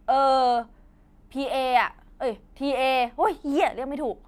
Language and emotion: Thai, frustrated